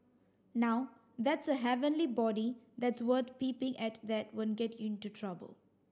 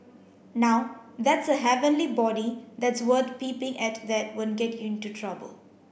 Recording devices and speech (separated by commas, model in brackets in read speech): standing microphone (AKG C214), boundary microphone (BM630), read sentence